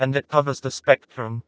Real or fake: fake